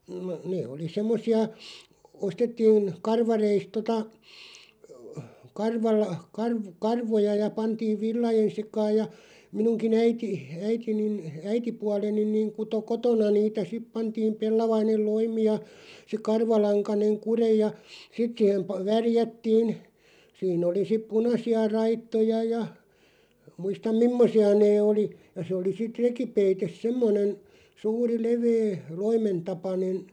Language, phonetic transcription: Finnish, (no) 'nee oli "semmosi₍a , 'ostettiin , 'karvareist 'tota , 'karval- , 'karv- , "karvoja ja 'pantiiv "villajen̬ 'sekaaj ja , 'minuŋki "äiti , 'äitinin , "äitipualenin niiŋ 'kuto "kotona niitä "sip 'pantiim 'pellavainel "loimi ja , se 'karvalaŋkaneŋ "kureʲ ja , "sit siihem pa- 'värjättiin , 'siin ‿oli sip "punasi₍a 'raittoja ja , 'muistam "mimmosi₍a 'nee oli , ja 'se oli 'sit "rekipeites 'semmonen , 'suuri 'levee , "loimentapanen̬ ,.
- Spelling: no ne oli semmoisia ostettiin karvareista tuota - - karvoja ja pantiin villojen sekaan ja minunkin äiti äitini äitipuoleni niin kutoi kotona niitä sitten pantiin pellavainen loimi ja se karvalankainen kude ja sitten siihen - värjättiin siinä oli sitten punaisia raitoja ja muista mimmoisia ne oli ja se oli sitten rekipeite semmoinen suuri leveä loimentapainen

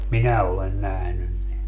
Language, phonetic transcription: Finnish, "minä olen 'nähnyn ne .
- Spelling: minä olen nähnyt ne

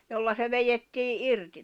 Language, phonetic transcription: Finnish, jolla se 'vejettii '’irti .
- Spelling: jolla se vedettiin irti

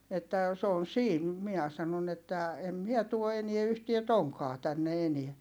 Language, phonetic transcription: Finnish, että , s ‿oon̬ siin » , miä sanon ‿että , » em miɛ tuo enie yhtie toŋkaa tänne eniä » .
- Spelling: että se on siinä minä sanoin että en minä tuo enää yhtään tonkkaa tänne enää

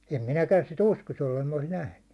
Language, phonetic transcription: Finnish, em 'minäkän si"t ‿uskos jollem mɪɴä olis 'nähny .
- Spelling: en minäkään sitä uskoisi jos en minä olisi nähnyt

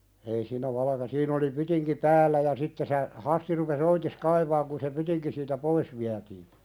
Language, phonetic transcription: Finnish, ei siinä 'valᵃka- siin ‿oli 'pytiŋki "päällä ja 'sitte se , 'Hasti rupes "oitis 'kaivaaŋ kun se 'pytiŋki siitä "pois viätii .
- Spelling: ei siinä valkea siinä oli pytinki päällä ja sitten se Hasti rupesi oitis kaivamaan kun se pytinki siitä pois vietiin

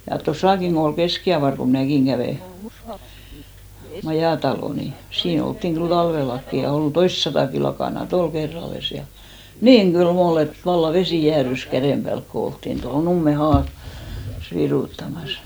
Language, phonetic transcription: Finnish, ja 'tosàkiŋ ɢo ol "keskiavar ko 'mⁱnä̀kiŋ ɢävè , 'majàtalò ni , 'sii'n ‿olttiŋ 'ɢyl "talvellakkki ja 'ol "toistsatàki lakàna"t ‿ol 'kerralles ja , "niiŋ ɢyl"m ‿ol ‿et valla "vesi 'jäärys 'kärèm ʙäälk ko 'olttin toho 'Numme haa- , -s 'virùttamas .
- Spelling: ja tuossakin kun oli kestikievari kun minäkin kävin majatalo niin siinä oltiin kyllä talvellakin ja oli toistasataakin lakanaa oli kerrallaan ja niin kylmä oli että vallan vesi jäätyi käden päälle kun oltiin tuohon Nummen - haassa viruttamassa

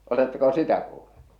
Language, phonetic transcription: Finnish, oletteko 'sitä kuuʟʟᴜ ?
- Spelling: oletteko sitä kuullut

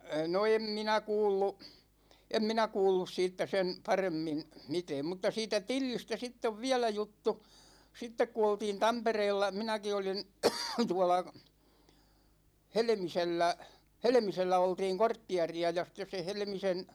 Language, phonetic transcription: Finnish, 'no "em minä 'kuullu , 'em minä "kuullus 'siittä sen , 'paremmin̬ , 'mitɛɛm mutta siitä "Tillistä 'sitt ‿ov viälä 'juttu , 'sittek ku oltiin "Tampereella , 'minäki olin , 'tuåla , 'Helᵉmisellä , "Helᵉmisellä 'oltiiŋ 'korttiɛ̮ri₍a ja sĭttes se 'Helᵉmisen .
- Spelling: no en minä kuullut en minä kuullut siitä sen paremmin mitään mutta siitä Tillistä sitten on vielä juttu sitten kun oltiin Tampereella minäkin olin tuolla Helmisellä Helmisellä oltiin kortteeria ja sitten se Helmisen

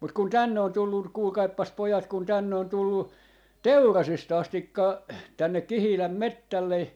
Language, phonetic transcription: Finnish, mut kun "tänne on 'tullu , 'kuulkaippas 'pojat kun tänne on 'tullu , "Teurasis't ‿astikka , tännek̆ 'Kihiläm "mettälle ,.
- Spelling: mutta kun tänne on tullut kuulkaapas pojat kun tänne on tullut Teurasista asti tänne Kihilän metsälle

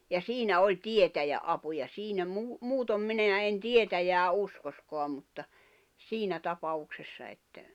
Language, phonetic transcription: Finnish, ja 'siinä 'oĺ "tietäjä’ '’apu ja siinä muu- , 'muutom 'mineä ’en 'tietäjää 'uskoskoam mutta , 'siinä 'tapaʷuksessa että ,.
- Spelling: ja siinä oli tietäjän apu ja siinä - muuten minä en tietäjää uskoisikaan mutta siinä tapauksessa että

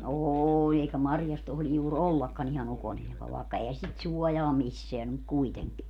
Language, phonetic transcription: Finnish, "oooĺ eikä 'marjas 'tohli juur "ollakkan ‿iha'n ‿ukonilmal vàekka ehä 'sit "suɔjaa "misseän ‿om muk 'kuiteŋki .
- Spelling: oli eikä marjassa tohdi juuri ollakaan ihan ukonilmalla vaikka eihän sitä suojaa missään ole mutta kuitenkin

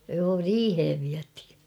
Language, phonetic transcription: Finnish, joo "riihev 'viäthɪ .
- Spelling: joo riiheen vietiin

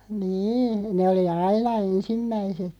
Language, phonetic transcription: Finnish, 'nii , ne oli "aina 'ensimmäise(t) .
- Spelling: niin ne oli aina ensimmäiset

